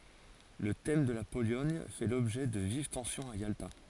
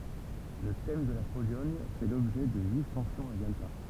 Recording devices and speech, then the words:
forehead accelerometer, temple vibration pickup, read sentence
Le thème de la Pologne fait l’objet de vives tensions à Yalta.

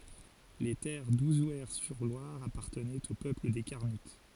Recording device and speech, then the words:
forehead accelerometer, read sentence
Les terres d'Ouzouer-sur-Loire appartenaient au peuple des Carnutes.

